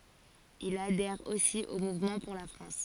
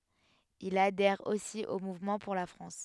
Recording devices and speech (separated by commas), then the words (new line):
forehead accelerometer, headset microphone, read sentence
Il adhère aussi au Mouvement pour la France.